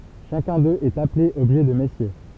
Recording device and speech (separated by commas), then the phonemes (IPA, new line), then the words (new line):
temple vibration pickup, read sentence
ʃakœ̃ døz ɛt aple ɔbʒɛ də mɛsje
Chacun d'eux est appelé objet de Messier.